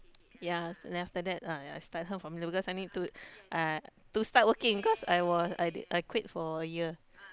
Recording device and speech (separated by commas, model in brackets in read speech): close-talking microphone, conversation in the same room